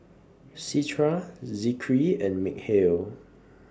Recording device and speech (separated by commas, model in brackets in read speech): standing microphone (AKG C214), read sentence